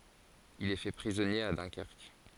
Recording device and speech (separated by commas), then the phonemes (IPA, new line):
forehead accelerometer, read sentence
il ɛ fɛ pʁizɔnje a dœ̃kɛʁk